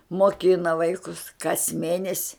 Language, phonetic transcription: Lithuanian, moˈkina ˈvaikus kas ˈmėnesi

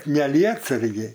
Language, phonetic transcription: Lithuanian, ne ˈlietsargė

